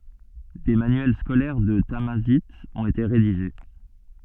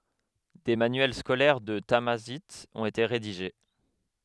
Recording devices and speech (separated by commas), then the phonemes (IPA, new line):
soft in-ear microphone, headset microphone, read sentence
de manyɛl skolɛʁ də tamazajt ɔ̃t ete ʁediʒe